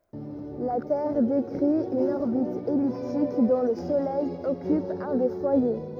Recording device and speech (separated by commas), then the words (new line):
rigid in-ear microphone, read sentence
La Terre décrit une orbite elliptique dont le Soleil occupe un des foyers.